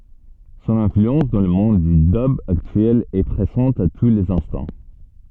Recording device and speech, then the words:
soft in-ear microphone, read sentence
Son influence dans le monde du dub actuel est présente à tous les instants.

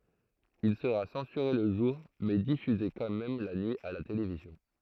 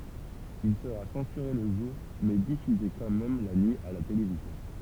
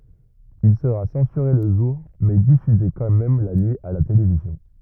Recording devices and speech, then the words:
throat microphone, temple vibration pickup, rigid in-ear microphone, read sentence
Il sera censuré le jour mais diffusé quand même la nuit à la télévision.

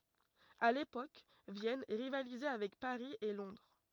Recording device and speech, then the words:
rigid in-ear microphone, read sentence
À l'époque, Vienne rivalisait avec Paris et Londres.

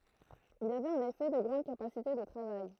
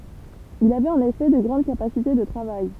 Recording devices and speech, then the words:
throat microphone, temple vibration pickup, read sentence
Il avait en effet de grandes capacités de travail.

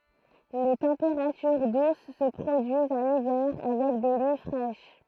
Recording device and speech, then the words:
throat microphone, read sentence
Les températures douces se produisent en hiver avec des nuits fraîches.

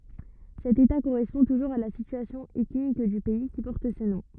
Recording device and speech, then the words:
rigid in-ear microphone, read sentence
Cet état correspond toujours à la situation ethnique du pays qui porte ce nom.

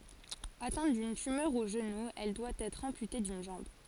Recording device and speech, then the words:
forehead accelerometer, read sentence
Atteinte d’une tumeur au genou, elle doit être amputée d’une jambe.

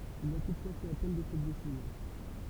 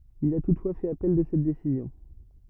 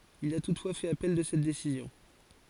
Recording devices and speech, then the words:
temple vibration pickup, rigid in-ear microphone, forehead accelerometer, read sentence
Il a toutefois fait appel de cette décision.

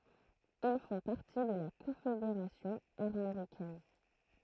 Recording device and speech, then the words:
throat microphone, read sentence
Ils font partie de la Confédération armoricaine.

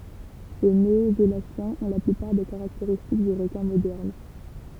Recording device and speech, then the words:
temple vibration pickup, read sentence
Ces néosélaciens ont la plupart des caractéristiques du requin moderne.

